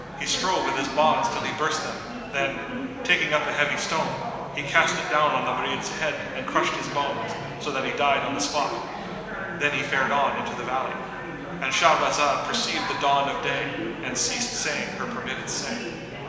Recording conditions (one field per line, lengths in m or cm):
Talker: one person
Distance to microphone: 1.7 m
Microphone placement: close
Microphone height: 1.0 m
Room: very reverberant, large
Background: babble